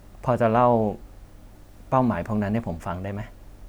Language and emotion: Thai, neutral